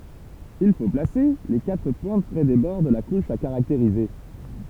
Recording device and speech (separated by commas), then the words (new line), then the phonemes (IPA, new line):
temple vibration pickup, read sentence
Il faut placer les quatre pointes près des bords de la couche à caractériser.
il fo plase le katʁ pwɛ̃t pʁɛ de bɔʁ də la kuʃ a kaʁakteʁize